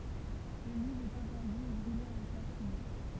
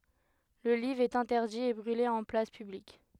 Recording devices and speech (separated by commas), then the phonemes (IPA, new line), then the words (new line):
temple vibration pickup, headset microphone, read sentence
lə livʁ ɛt ɛ̃tɛʁdi e bʁyle ɑ̃ plas pyblik
Le livre est interdit et brûlé en place publique.